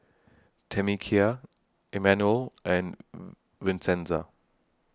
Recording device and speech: standing microphone (AKG C214), read sentence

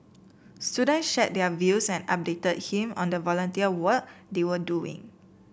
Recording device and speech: boundary microphone (BM630), read sentence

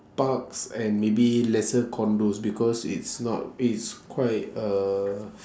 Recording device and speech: standing microphone, conversation in separate rooms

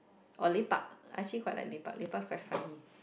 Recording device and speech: boundary microphone, conversation in the same room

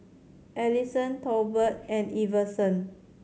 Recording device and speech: mobile phone (Samsung C7100), read sentence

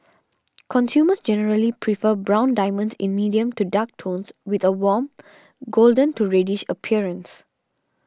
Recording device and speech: standing microphone (AKG C214), read sentence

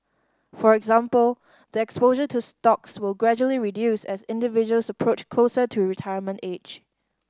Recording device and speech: standing microphone (AKG C214), read sentence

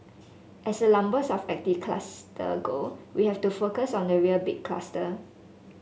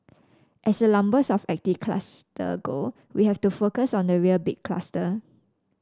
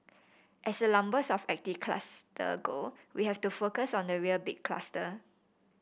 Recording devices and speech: mobile phone (Samsung S8), standing microphone (AKG C214), boundary microphone (BM630), read sentence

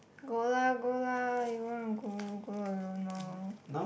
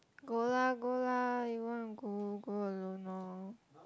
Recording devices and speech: boundary microphone, close-talking microphone, conversation in the same room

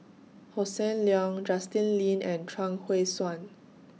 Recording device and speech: mobile phone (iPhone 6), read sentence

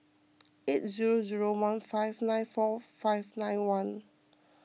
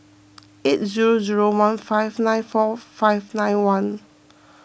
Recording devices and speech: mobile phone (iPhone 6), boundary microphone (BM630), read sentence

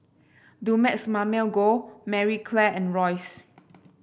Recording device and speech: boundary microphone (BM630), read sentence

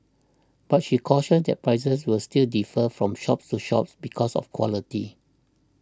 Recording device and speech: standing microphone (AKG C214), read sentence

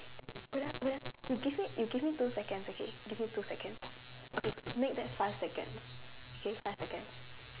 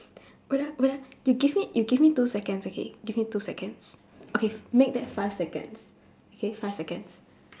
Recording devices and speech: telephone, standing microphone, conversation in separate rooms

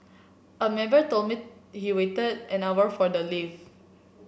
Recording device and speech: boundary microphone (BM630), read sentence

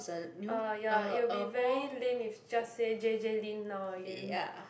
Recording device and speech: boundary microphone, conversation in the same room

